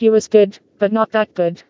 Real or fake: fake